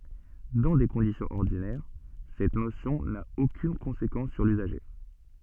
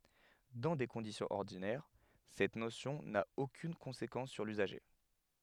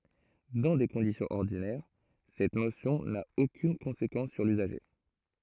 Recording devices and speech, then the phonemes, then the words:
soft in-ear microphone, headset microphone, throat microphone, read sentence
dɑ̃ de kɔ̃disjɔ̃z ɔʁdinɛʁ sɛt nosjɔ̃ na okyn kɔ̃sekɑ̃s syʁ lyzaʒe
Dans des conditions ordinaires, cette notion n'a aucune conséquence sur l'usager.

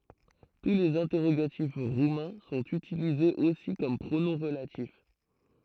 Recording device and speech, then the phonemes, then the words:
throat microphone, read sentence
tu lez ɛ̃tɛʁoɡatif ʁumɛ̃ sɔ̃t ytilizez osi kɔm pʁonɔ̃ ʁəlatif
Tous les interrogatifs roumains sont utilisés aussi comme pronoms relatifs.

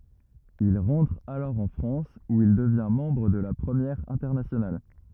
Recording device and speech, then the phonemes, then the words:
rigid in-ear microphone, read sentence
il ʁɑ̃tʁ alɔʁ ɑ̃ fʁɑ̃s u il dəvjɛ̃ mɑ̃bʁ də la pʁəmjɛʁ ɛ̃tɛʁnasjonal
Il rentre alors en France où il devient membre de la Première Internationale.

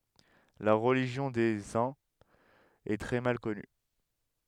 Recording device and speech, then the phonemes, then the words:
headset microphone, read sentence
la ʁəliʒjɔ̃ de œ̃z ɛ tʁɛ mal kɔny
La religion des Huns est très mal connue.

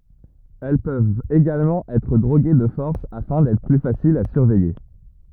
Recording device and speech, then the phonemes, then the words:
rigid in-ear microphone, read sentence
ɛl pøvt eɡalmɑ̃ ɛtʁ dʁoɡe də fɔʁs afɛ̃ dɛtʁ ply fasilz a syʁvɛje
Elles peuvent également être droguées de force afin d'être plus faciles à surveiller.

